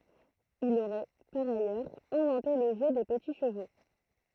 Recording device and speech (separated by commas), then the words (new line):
throat microphone, read sentence
Il aurait, par ailleurs, inventé le jeu des petits chevaux.